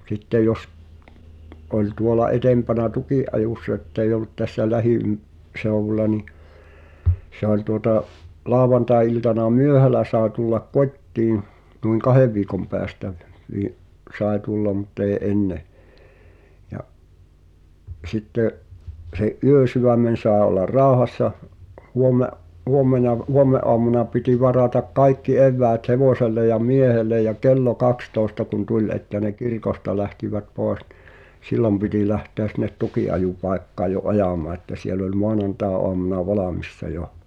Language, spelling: Finnish, sitten jos oli tuolla edempänä tukinajossa että ei ollut tässä - lähiseudulla niin se oli tuota lauantai-iltana myöhällä sai tulla kotiin noin kahden viikon päästä - sai tulla mutta ei ennen ja sitten sen yösydämen sai olla rauhassa - huomenna huomenaamuna piti varata kaikki eväät hevoselle ja miehelle ja kello kaksitoista kun tuli että ne kirkosta lähtivät pois niin silloin piti lähteä sinne tukinajopaikkaan jo ajamaan että siellä oli maanantaiaamuna valmiina jo
- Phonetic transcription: 'sitte jos , oĺ 'tuola "etempänä "tukì’’ajùssᵃ etteij̆j ‿ol̆lut tässä "lähi₍ym- , -'seu̬wula ni , se ‿oĺ tuota’ , 'laavvantae₍iltana "myöhälä saae tullak "kot́tiḭ , nuiŋ "kahev viikom pɛästä , vii- , "sàe 'tullam mut ‿èi̬ "’enne , ja’ , sittè’ , se’ '’yösyvämmen̬ sàᵉ ollar "ràohassa , '’huomme’- , 'huommena , 'huomme’’oamuna piti varatak "kaikki 'evväät "hevòselle ja "miehellej̆ jä "kello 'kakstòesta kun 'tuĺ ’että ne "kirkosta lähtivät 'pòe(s) ɴɪ , "sillom piti lähteä sin̆net 'tuki’ajupàekkaaj jo "’ajamaa että siel ‿oĺ "moanantae’oamuna 'valàmissa "jo .

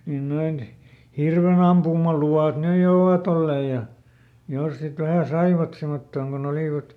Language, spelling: Finnish, niin noin hirvenampumaluvat nyt jo ovat olleet ja jos sitten vähän saivat semmottoon kun olivat
- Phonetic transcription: niin ˈnoin , ˈhirvenampumalu₍àt "nyj jo ovaˈt ‿olleej̆ ja , ˈjos sit vähä̀ ˈsaivat ˈsemottooŋ koˈn ‿olìvat, .

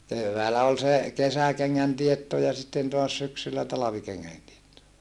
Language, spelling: Finnish, keväällä oli se kesäkengän teetto ja sitten taas syksyllä talvikengän teetto
- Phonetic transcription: kevväälä ol se , kesäkeŋŋän tietto ja sitten toas syksyllä talavikeŋŋän tietto .

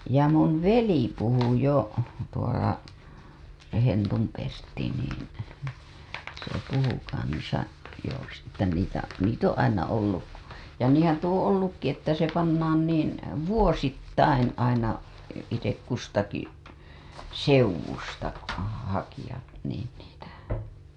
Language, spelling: Finnish, ja minun veli puhui jo tuolla Hentun Pertti niin se puhui kanssa joo - että niitä niitä on aina ollut ja niinhän tuo on ollutkin että se pannaan niin vuosittain aina itse kustakin seudusta hakijat niin niitä
- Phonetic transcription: ja mun veli puhu jo , tuola , 'Hentum Pertti niin , se puhu kansa , joo s- , että niitä , 'niit ‿oo̰ aina 'olluj ja 'niiḭhän tuo oo̰ 'ollukki että se pannaan niin̬ , 'vuosittain̬ aina , itek kustaki , 'seuw̆wusta , 'hakijat niin niitä ,.

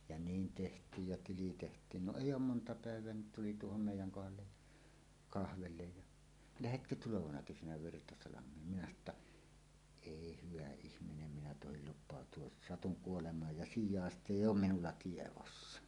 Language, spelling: Finnish, ja niin tehtiin ja tili tehtiin no ei ole monta päivää niin tuli tuohon meidän kohdalle ja kahville ja lähdetkö tulevana kesänä Virtasalmeen minä sanoi jotta ei hyvä ihminen minä tohdi lupautua satun kuolemaan ja sijaista ei ole minulla tiedossa
- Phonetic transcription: ja "niin 'teht̀iij ja 'tili teht̀iin no "èij̆j ‿oom "monta 'pä̀ev̀eä ni "tuli "tuohom 'mèij̆jäŋ 'kohallej ja , "kahvellej ja , » "lähetkö "tulovana 'kesänä 'Virtasalam̀een « minä sano ‿tta , » "èi "hyvä 'ihminem minä tohil lup̆pàot̀uos "satuŋ 'kuolemaaj ja "sij̆jàest'ᵗ ‿èij ‿oom "minulla 'tievossa « .

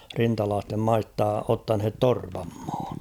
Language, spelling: Finnish, rintalaisten maista ottaneet torpan maan
- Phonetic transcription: 'rintalaastem "maista 'ottanhet "torpam ᴍᴀᴀɴ .

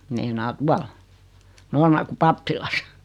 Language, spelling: Finnish, meinaan tuolla Noormarkun pappilassa
- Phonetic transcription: meinaa "tual , 'Noormarku "pappilas .

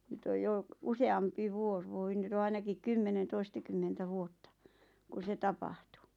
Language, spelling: Finnish, nyt on jo useampi vuosi voi nyt on ainakin kymmenen toistakymmentä vuotta kun se tapahtui
- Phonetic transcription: 'nyt oj 'jo , "use₍ampi 'vuos voi 'nyt ‿o 'ainakik "kymmenen 'toistakymmentä 'vuotta , 'ku se "tapah̀tu .

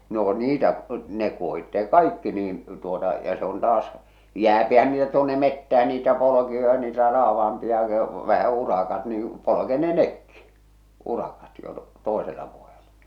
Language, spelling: Finnish, no niitä ne kuohitaan kaikki niin tuota ja se on taas jäähän niitä tuonne metsään niitä polkuja niitä raavaampia vähä urakat niin polkee ne nekin urakat jo toisella vuodella
- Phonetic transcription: no 'niitä , ne kuohittee "kaikki niin , tuota , ja se on taas , 'jääpihän niitä tuonne 'mettähä niitä 'polokioja niitä 'raavah̬ampi₍a , vähä 'urakat nii , 'polokee ne "nekki , 'urakat jo , "tòesela vuojela .

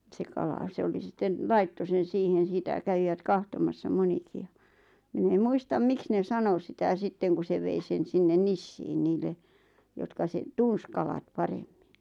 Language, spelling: Finnish, se kala se oli sitten laittoi sen siihen sitä kävivät katsomassa monikin ja minä en muista miksi ne sanoi sitä sitten kun se vei sen sinne Nissiin niille jotka sen tunsi kalat paremmin
- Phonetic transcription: se 'kala 'se oli 'sitten , "laitto 'sen̬ 'siihen̬ sitä 'kävivät "kahtomassa 'moniki ja , 'min ‿em "muistam 'miks ne 'sano sitä 'sitteŋ ku se 'vei sen 'sinnen "Nissiin 'niille₍ jotka seɴ₍ 'tuns kalat "paremmiɴ .

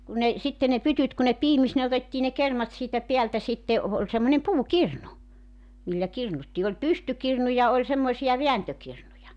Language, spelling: Finnish, kun ne sitten ne pytyt kun ne piimisi ne otettiin ne kermat siitä päältä sitten - oli semmoinen puukirnu millä kirnuttiin oli pystykirnu ja oli semmoisia vääntökirnuja
- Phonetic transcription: kun ne , 'sitte ne 'pytyt ku ne "piimis ne 'otettii ne 'kermat siitä 'peältä sitte , o- ooĺ semmońem "puu"kirnu , 'millä 'kirnuttii oĺ "pystykirnu ja 'oĺ semmoⁱsija "veäntökirnuja .

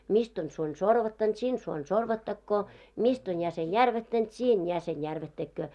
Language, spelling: Finnish, mistä on suoni sorvattanut sinne suoni sorvattakoon mistä on jäsen järvättänyt siinä jäsen järvättäköön
- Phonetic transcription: 'mist on 'suoń "sorvattant 'sin 'suoń "sorvattakkoo , 'mist on 'jäsen "järvättänt 'siin 'jäsen "järvättäkköö .

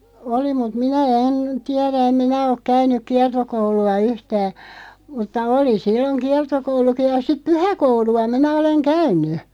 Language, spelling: Finnish, oli mutta minä en tiedä en minä ole käynyt kiertokoulua yhtään mutta oli silloin kiertokoulukin ja sitten pyhäkoulua minä olen käynyt
- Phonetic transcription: 'oli mut "minä 'en , 'tiɛrä em 'minä ok 'käyn̆nyk "kiartokoulu₍a 'yhtää , mutta "oli 'silloŋ "kiartokouluki ja siᵖ "pyhä'koulu₍a 'minä 'oleŋ "käyn̆ny .

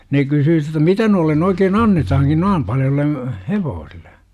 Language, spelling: Finnish, ne kysyi jotta mitä noille oikein annetaankin noin paljoille hevosille
- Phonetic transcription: 'ne kysyy jotta "mitä » noillen oikeen "annetahaŋkin 'noim paljolle , "hevoosille « .

